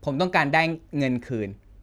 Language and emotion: Thai, frustrated